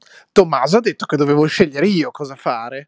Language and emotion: Italian, angry